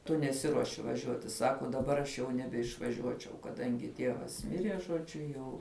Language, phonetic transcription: Lithuanian, tu neˈsiruoši vaˈžiuoti ˈsako daˈbar aš jau nebeišvaˈžiuočiau kaˈdangi ˈtievas ˈmirie žoˈdžiu ˈjau

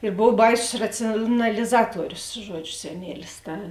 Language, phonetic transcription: Lithuanian, ir ˈbov ˈbaisus ˌracijonaliˈzatuorius ˈžuodžiu seˈnielis ˈta

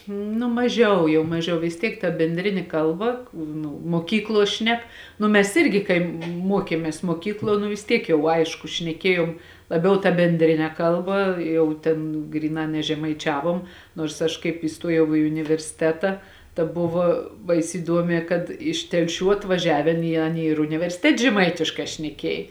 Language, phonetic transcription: Lithuanian, ˈnu maˈžiau jau maˈžiau vis ˈtiek ta benˈdrini ˈkalˌba k ˈnu muoˈkykluo ˈšnek ˈnu mes ˈirgi kai ˈmuokiemės muoˈkykluo nu vis ˈtiek jau ˈaišku šneˈkėjom laˈbiau ta benˈdrine ˈkalba ˈjau tėn ˈgryˌnā nežemaiˈčiavom nuors ˈaš kaip įˈstuojau i universiˈteta ta ˈbuvo ˈbais' įˈduomē kad ˈiš telˈšių atvaˈžiavėn i ˈaˌny ir universiˈtet' žeˈmaitiškā šneˈkiej

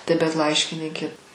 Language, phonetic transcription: Lithuanian, tai bet ˈlaiškinykė

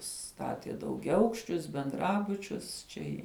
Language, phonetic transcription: Lithuanian, ˈstatie daugiaˈaukščius benˈdrabučius ˈčia i

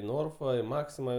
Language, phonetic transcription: Lithuanian, i ˈnorfa i ˈmaksima

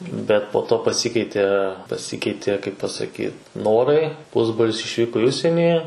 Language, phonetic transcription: Lithuanian, ˈbet po ˈto paˈsikeitė paˈsikeitė kaip pasaˈkyt ˈnorai ˈpusbrolis išˈvyko i ˈužsienį

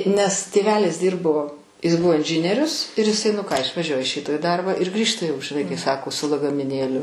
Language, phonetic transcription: Lithuanian, nes tėˈvelis ˈdyrbo is ˈbuvo inˈžinierius ir iˈsai nu ˈką išvaˈžiuoja iš ˈryto į ˈdarbą ir ˈgrįžta jau žiˈnai kai ˈsako su lagamiˈnėliu

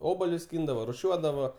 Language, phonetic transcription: Lithuanian, ˈobalius ˈskyndavo ruˈšiuodavo

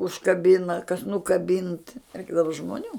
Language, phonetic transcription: Lithuanian, užkaˈbina kas nukaˈbint ˈreikdava žmoˈnių

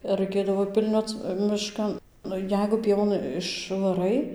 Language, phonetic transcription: Lithuanian, ir raiˈkėdavo ˈpilnioc miˈškan ˈnu ˈjeigu ˈpievon išvaˈrai

